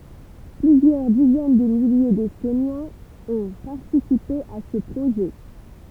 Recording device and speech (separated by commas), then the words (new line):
temple vibration pickup, read sentence
Plusieurs dizaines de milliers d'Estoniens ont participé à ce projet.